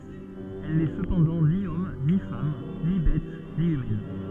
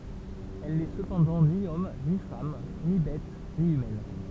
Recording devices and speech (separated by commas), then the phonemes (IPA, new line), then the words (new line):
soft in-ear microphone, temple vibration pickup, read sentence
ɛl nɛ səpɑ̃dɑ̃ ni ɔm ni fam ni bɛt ni ymɛn
Elle n'est cependant ni homme, ni femme, ni bête, ni humaine.